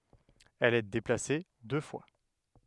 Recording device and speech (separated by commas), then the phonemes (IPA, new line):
headset microphone, read sentence
ɛl ɛ deplase dø fwa